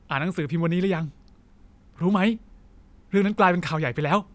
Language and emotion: Thai, happy